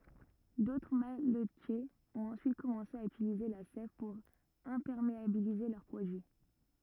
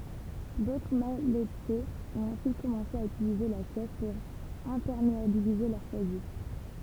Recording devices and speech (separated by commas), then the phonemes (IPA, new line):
rigid in-ear microphone, temple vibration pickup, read sentence
dotʁ malətjez ɔ̃t ɑ̃syit kɔmɑ̃se a ytilize la sɛv puʁ ɛ̃pɛʁmeabilize lœʁ pʁodyi